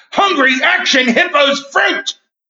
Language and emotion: English, fearful